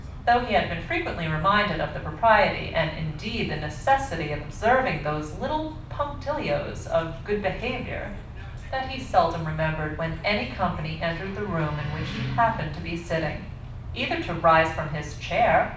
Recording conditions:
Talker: one person; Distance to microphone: 5.8 m; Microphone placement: far; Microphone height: 1.8 m; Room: medium-sized (5.7 m by 4.0 m); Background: television

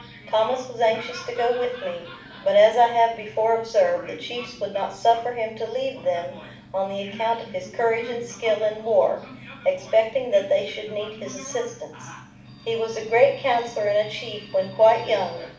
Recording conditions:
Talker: one person; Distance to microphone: 5.8 m; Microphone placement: far; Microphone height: 1.8 m; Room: medium-sized (5.7 m by 4.0 m); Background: television

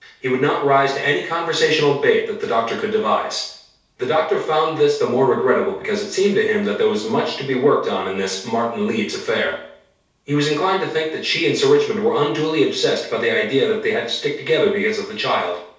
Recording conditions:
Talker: one person; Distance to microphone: 3.0 m; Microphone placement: far; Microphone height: 1.8 m; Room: small (3.7 m by 2.7 m); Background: none

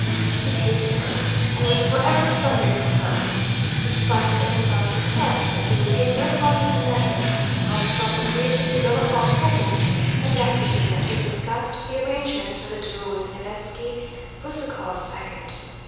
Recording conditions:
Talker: one person; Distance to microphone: 7.1 m; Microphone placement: far; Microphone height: 1.7 m; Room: very reverberant, large; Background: music

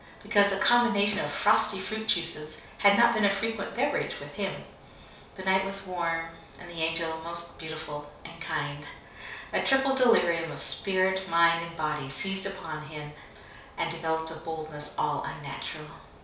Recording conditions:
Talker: one person; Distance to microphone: 3.0 m; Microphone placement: far; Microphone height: 1.8 m; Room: small (3.7 m by 2.7 m); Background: none

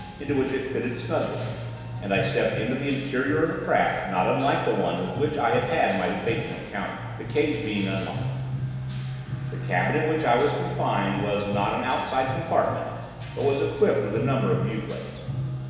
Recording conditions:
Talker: one person; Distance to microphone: 1.7 m; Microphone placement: close; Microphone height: 1.0 m; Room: very reverberant, large; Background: music

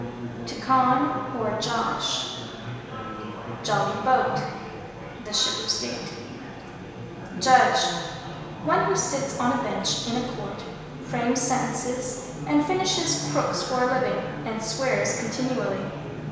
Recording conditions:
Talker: one person; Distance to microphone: 1.7 m; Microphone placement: close; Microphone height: 1.0 m; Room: very reverberant, large; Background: babble

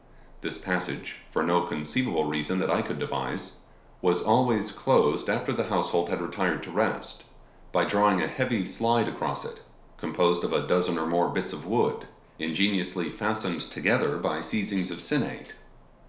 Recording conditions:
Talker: one person; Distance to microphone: 1.0 m; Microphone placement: close; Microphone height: 1.1 m; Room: small (3.7 m by 2.7 m); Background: none

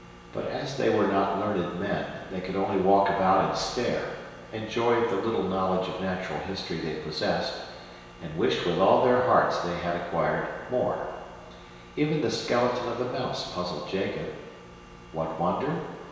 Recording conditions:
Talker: one person; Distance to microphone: 1.7 m; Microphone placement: close; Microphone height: 1.0 m; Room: very reverberant, large; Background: none

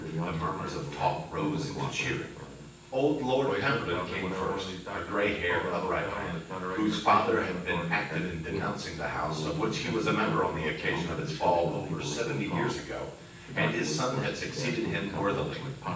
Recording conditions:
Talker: one person; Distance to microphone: 9.8 m; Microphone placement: far; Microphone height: 1.8 m; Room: large; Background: television

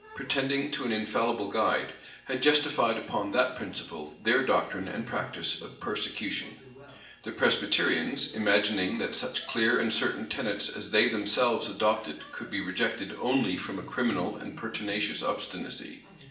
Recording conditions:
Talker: one person; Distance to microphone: 1.8 m; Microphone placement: close; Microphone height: 1.0 m; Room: large; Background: television

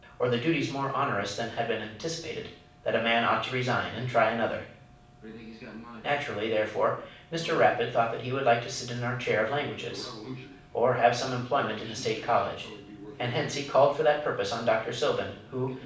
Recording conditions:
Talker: one person; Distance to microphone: 5.8 m; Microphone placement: far; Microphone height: 1.8 m; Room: medium-sized (5.7 m by 4.0 m); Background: television

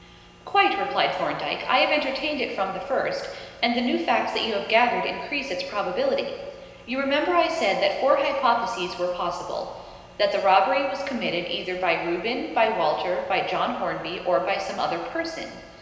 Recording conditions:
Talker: one person; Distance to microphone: 1.7 m; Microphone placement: close; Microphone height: 1.0 m; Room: very reverberant, large; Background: none

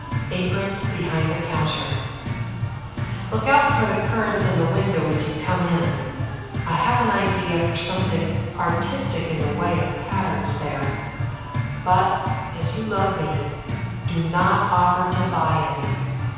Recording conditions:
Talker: one person; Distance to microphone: 7.1 m; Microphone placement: far; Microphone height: 1.7 m; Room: very reverberant, large; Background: music

